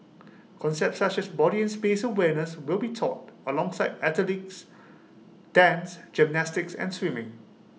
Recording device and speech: mobile phone (iPhone 6), read sentence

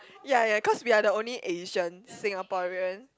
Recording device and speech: close-talking microphone, conversation in the same room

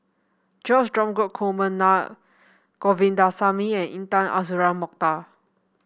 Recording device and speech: boundary microphone (BM630), read sentence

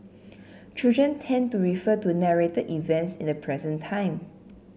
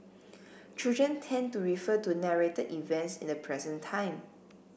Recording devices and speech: mobile phone (Samsung C7), boundary microphone (BM630), read sentence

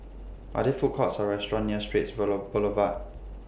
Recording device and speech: boundary microphone (BM630), read sentence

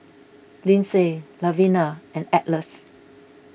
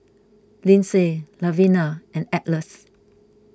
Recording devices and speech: boundary microphone (BM630), close-talking microphone (WH20), read sentence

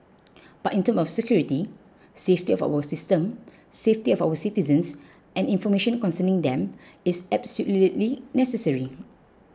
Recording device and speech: close-talking microphone (WH20), read sentence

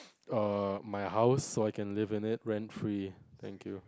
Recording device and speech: close-talking microphone, conversation in the same room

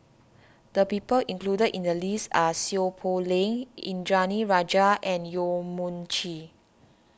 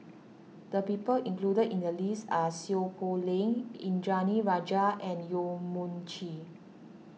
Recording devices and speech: standing microphone (AKG C214), mobile phone (iPhone 6), read sentence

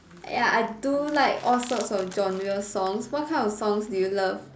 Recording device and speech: standing microphone, conversation in separate rooms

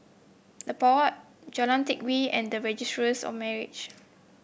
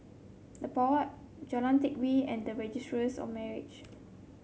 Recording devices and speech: boundary microphone (BM630), mobile phone (Samsung C7), read sentence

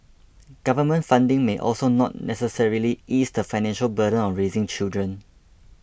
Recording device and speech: boundary microphone (BM630), read sentence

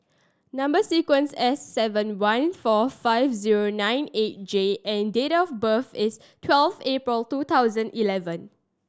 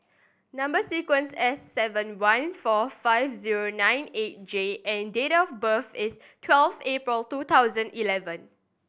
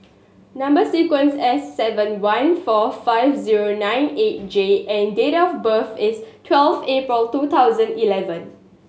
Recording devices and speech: standing microphone (AKG C214), boundary microphone (BM630), mobile phone (Samsung S8), read sentence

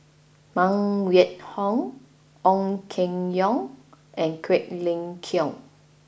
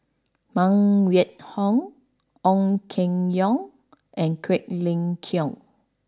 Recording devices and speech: boundary microphone (BM630), standing microphone (AKG C214), read sentence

